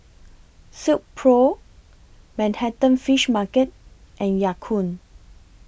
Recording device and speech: boundary microphone (BM630), read sentence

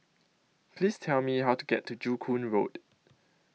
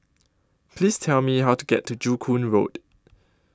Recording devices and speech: mobile phone (iPhone 6), close-talking microphone (WH20), read sentence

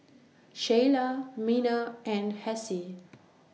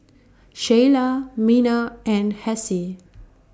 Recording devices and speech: mobile phone (iPhone 6), standing microphone (AKG C214), read sentence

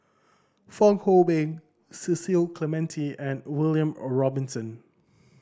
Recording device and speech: standing microphone (AKG C214), read sentence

